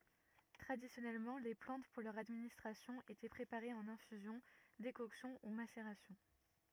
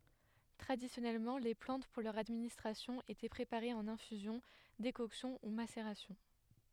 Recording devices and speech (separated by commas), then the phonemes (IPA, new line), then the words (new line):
rigid in-ear microphone, headset microphone, read sentence
tʁadisjɔnɛlmɑ̃ le plɑ̃t puʁ lœʁ administʁasjɔ̃ etɛ pʁepaʁez ɑ̃n ɛ̃fyzjɔ̃ dekɔksjɔ̃ u maseʁasjɔ̃
Traditionnellement, les plantes pour leur administration étaient préparées en infusion, décoction ou macération.